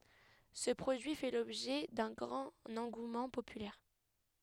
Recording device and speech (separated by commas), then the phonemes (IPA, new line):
headset microphone, read sentence
sə pʁodyi fɛ lɔbʒɛ dœ̃ ɡʁɑ̃t ɑ̃ɡumɑ̃ popylɛʁ